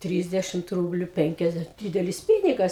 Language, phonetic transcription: Lithuanian, ˈtrysdešimt ˈrūbliu ˈpenkiasde ˈdydelis ˈpynigas

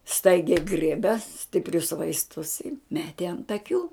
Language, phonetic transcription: Lithuanian, ˈstaigiai ˈgriebe stipˈrius vaisˈtus i ˈmeti ant aˈkių

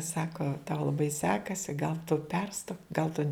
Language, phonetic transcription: Lithuanian, ˈsako tau laˈbai ˈsekasi gal tu ˈperstok gal tu

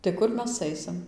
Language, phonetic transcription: Lithuanian, tai ˈkur ˈmes ˈaisim

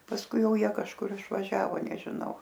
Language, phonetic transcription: Lithuanian, pasˈkui ˈjau ˈjie kažˈkur išvaˈžiavo nežiˈnau

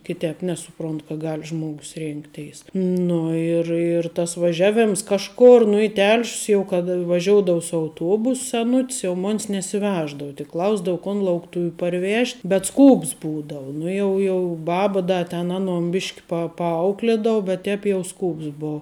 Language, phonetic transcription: Lithuanian, kiˈtēp ˈnesuˌpront ka ˈgal' ˈžmogus ˈrėnkteis ˈnu ir ir ˈtas vaˈžiaˌvėms ˈkažˌkor nu i ˈtel'š's jau kad vaˈžioudou su auˈtuobus seˈnut's jau ˈmon's nesiˈveždau tik ˈklausdavu kon laukˈtuviu parˈvėžt' bet ˈskūps ˈbūdau ˈnu jau ˈjau ˈbaba ˈda ten ˈaˌnon ˈbišk' pa paˈauklėdou bet ˈtēp jau ˈskūps ˈbou

